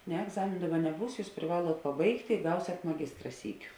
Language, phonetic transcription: Lithuanian, ne egˈzamėnu ˈdaˌba neˈbūs ˈjūs priˈvaluot paˈbaigtė i ˈgausiat maˈgistra ˈsyˌkiu

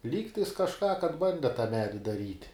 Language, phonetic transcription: Lithuanian, ˈlygtais kažˈką kad ˈbande ta ˈmedi daˈryt'

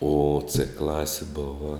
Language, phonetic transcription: Lithuanian, o cɘ ˈklasi ˈbova

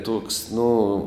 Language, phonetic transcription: Lithuanian, ˈtoks ˈnu

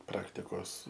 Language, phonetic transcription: Lithuanian, ˈpraktikos

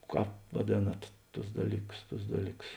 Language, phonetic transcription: Lithuanian, ˈkāp vaˈdėnat ˈtus ˈdalyˌkus ˈtus ˈdalyˌkus

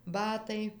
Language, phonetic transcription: Lithuanian, ˈbatai

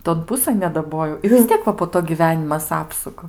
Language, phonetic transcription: Lithuanian, ton ˈpusɘn nedaˈbojau i vis ˈtiek va po ˈto gyˈvenimas ˈapsuka

